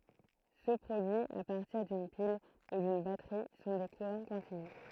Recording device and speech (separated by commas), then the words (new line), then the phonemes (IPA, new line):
throat microphone, read sentence
Ceux produits à partir d'une pile ou d'une batterie sont des courants continus.
sø pʁodyiz a paʁtiʁ dyn pil u dyn batʁi sɔ̃ de kuʁɑ̃ kɔ̃tinys